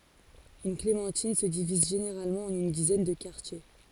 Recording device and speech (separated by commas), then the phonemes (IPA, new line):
forehead accelerometer, read sentence
yn klemɑ̃tin sə diviz ʒeneʁalmɑ̃ ɑ̃n yn dizɛn də kaʁtje